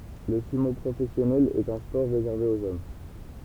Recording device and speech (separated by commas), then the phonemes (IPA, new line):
temple vibration pickup, read sentence
lə symo pʁofɛsjɔnɛl ɛt œ̃ spɔʁ ʁezɛʁve oz ɔm